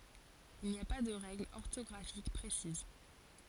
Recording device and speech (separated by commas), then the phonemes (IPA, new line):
forehead accelerometer, read sentence
il ni a pa də ʁɛɡlz ɔʁtɔɡʁafik pʁesiz